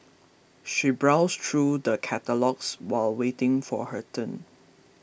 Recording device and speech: boundary microphone (BM630), read sentence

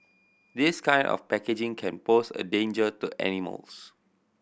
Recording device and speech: boundary microphone (BM630), read sentence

